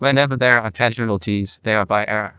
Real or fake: fake